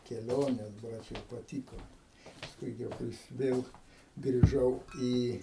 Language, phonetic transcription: Lithuanian, keˈlionės ˈbrač jau paˈtyko paˈskui gi jau ˈkais ˈvėl griˈžau ˈį

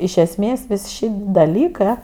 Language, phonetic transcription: Lithuanian, iš esˈmės ˈvis ˈšit' daˈlykɜ

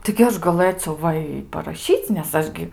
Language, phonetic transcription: Lithuanian, tai gi ˈaš gaˈlɘciau ˈva i paraˈšyc' nes ˈaš gi

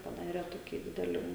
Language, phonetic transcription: Lithuanian, paˈdare ˈtokį ˈdidelį

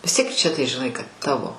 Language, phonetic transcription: Lithuanian, vis ˈtiek čia tai žiˈnai kad ˈtavo

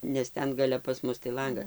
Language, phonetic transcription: Lithuanian, nes ˈten gaˈle pas ˈmus tai ˈlanga

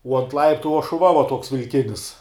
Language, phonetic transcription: Lithuanian, uo ant ˈlaiptu uo šuˈva va ˈtuoks vilˈkinis

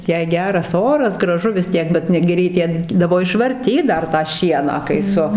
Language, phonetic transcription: Lithuanian, jei ˈgeras ˈoras graˈžu vis ˈtiek ˈbet ˈnu gi reiˈkėdavo išvarˈtyt ˈdar tą ˈšieną kai ˈsu

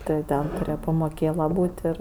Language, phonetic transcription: Lithuanian, ˈti jau ˈten tuˈrėje pamoˈkėla ˈbūt' ˈir

